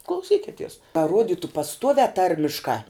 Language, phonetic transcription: Lithuanian, klauˈsykities ka ˈruoditu pasˈtuoviā ˈtarmiškā

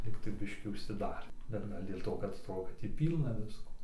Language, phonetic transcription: Lithuanian, ˈlygtai ˈbiškį užsiˈdarė bet ˈgal' dėl ˈto kad ˈto kad ˈtį ˈpylna ˈvisko

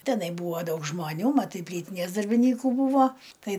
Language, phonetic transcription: Lithuanian, teˈnai ˈbūva ˈdaug žmaˈnių maˈtai ˈplytinės darbinˈykų ˈbūvo ˈtai

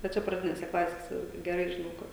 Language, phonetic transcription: Lithuanian, va ˈčia praˈdinėse ˈklasėse geˈrai žiˈnau ˈkur

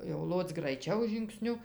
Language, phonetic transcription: Lithuanian, jau ˈloc graiˈčiau žingˈsniu

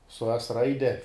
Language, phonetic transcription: Lithuanian, su es ˈraide

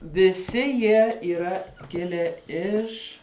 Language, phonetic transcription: Lithuanian, viˈsi ˈjie yˈra ˈkilę ˈiš

